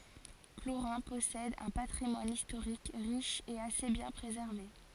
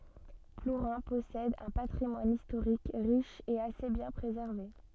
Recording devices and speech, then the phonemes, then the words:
forehead accelerometer, soft in-ear microphone, read sentence
pluʁɛ̃ pɔsɛd œ̃ patʁimwan istoʁik ʁiʃ e ase bjɛ̃ pʁezɛʁve
Plourin possède un patrimoine historique riche et assez bien préservé.

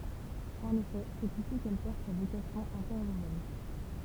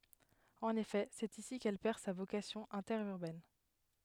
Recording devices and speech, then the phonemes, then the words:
temple vibration pickup, headset microphone, read sentence
ɑ̃n efɛ sɛt isi kɛl pɛʁ sa vokasjɔ̃ ɛ̃tɛʁyʁbɛn
En effet c'est ici qu'elle perd sa vocation interurbaine.

